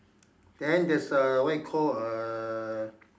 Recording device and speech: standing microphone, conversation in separate rooms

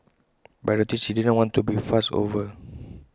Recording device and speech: close-talking microphone (WH20), read sentence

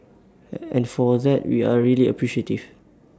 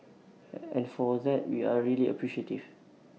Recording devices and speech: standing microphone (AKG C214), mobile phone (iPhone 6), read sentence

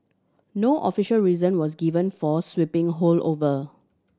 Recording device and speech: standing microphone (AKG C214), read sentence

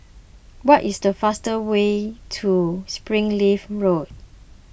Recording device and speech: boundary microphone (BM630), read sentence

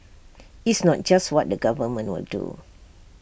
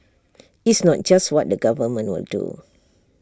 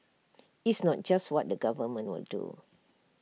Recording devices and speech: boundary microphone (BM630), standing microphone (AKG C214), mobile phone (iPhone 6), read sentence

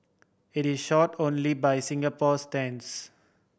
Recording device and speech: boundary microphone (BM630), read sentence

